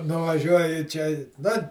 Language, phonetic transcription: Lithuanian, nuvaˈžiuoji ˈčia nu

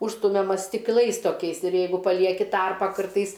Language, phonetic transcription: Lithuanian, ˈužstumiama stikˈlais toˈkiais ir ˈjeigu paˈlieki ˈtarpą ˈkartais

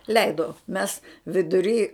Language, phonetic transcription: Lithuanian, ˈleido mes viduˈry

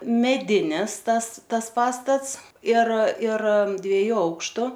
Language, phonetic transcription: Lithuanian, meˈdinis ˈtas ˈtas ˈpastats ir ir dvieˈjų ˈaukštu

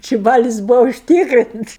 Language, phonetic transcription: Lithuanian, ˈči ˈbalis ˈbūva užˈtykrints

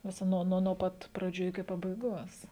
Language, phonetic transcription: Lithuanian, viˈsa ˈnuo nuo ˈpat praˈdžių iki pabaiˈgos

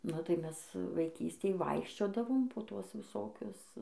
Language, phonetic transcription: Lithuanian, nu tai ˈmes vaiˈkystėj ˈvaikščiodavom po ˈtuos viˈsokius

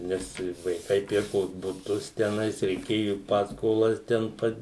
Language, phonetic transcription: Lithuanian, ˈnes vaiˈkai ˈpirkos buˈtus teˈnais reiˈkėju ˈpaskolas ˈten pat

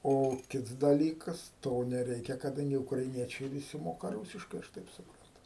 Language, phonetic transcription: Lithuanian, ˈo ˈkits daˈlykas ˈto neˈreikia kaˈdangi ukraiˈniečiai viˈsi ˈmoka ˈrūsiškai aš ˈtaip suˈprantu

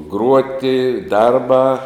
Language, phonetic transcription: Lithuanian, ˈgruoti ˈdarbā

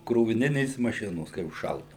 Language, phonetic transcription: Lithuanian, kroviˈninės maˈšinos kai užˈšaldau

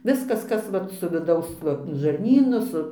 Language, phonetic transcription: Lithuanian, ˈviskas ˈkas vat su viˈdaus ˈva žarˈnynu ˈsu

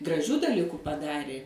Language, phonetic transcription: Lithuanian, graˈžių daˈliku paˈdarė

